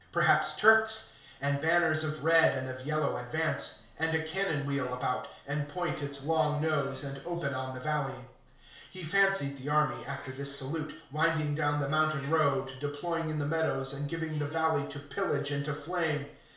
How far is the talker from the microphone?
1.0 m.